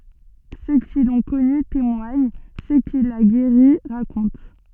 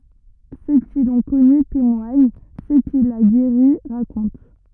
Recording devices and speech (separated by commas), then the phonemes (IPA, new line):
soft in-ear microphone, rigid in-ear microphone, read sentence
sø ki lɔ̃ kɔny temwaɲ sø kil a ɡeʁi ʁakɔ̃t